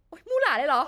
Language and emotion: Thai, frustrated